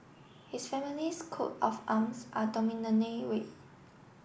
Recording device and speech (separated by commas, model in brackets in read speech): boundary microphone (BM630), read sentence